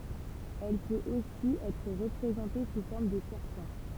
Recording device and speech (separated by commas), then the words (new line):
temple vibration pickup, read sentence
Elle peut aussi être représentée sous forme de serpent.